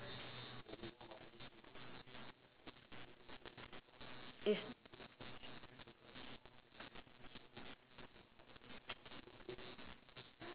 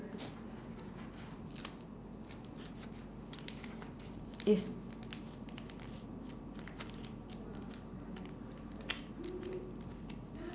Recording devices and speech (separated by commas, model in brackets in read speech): telephone, standing microphone, conversation in separate rooms